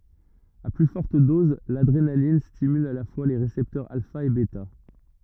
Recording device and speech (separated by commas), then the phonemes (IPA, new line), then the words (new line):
rigid in-ear microphone, read sentence
a ply fɔʁt dɔz ladʁenalin stimyl a la fwa le ʁesɛptœʁz alfa e bɛta
À plus forte dose, l’adrénaline stimule à la fois les récepteurs alpha et bêta.